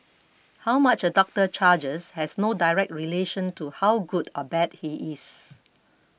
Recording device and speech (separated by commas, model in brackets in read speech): boundary microphone (BM630), read sentence